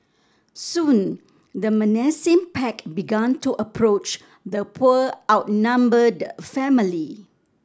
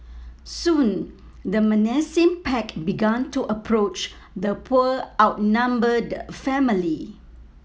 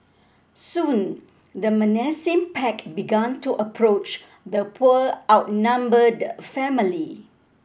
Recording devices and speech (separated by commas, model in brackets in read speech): standing microphone (AKG C214), mobile phone (iPhone 7), boundary microphone (BM630), read sentence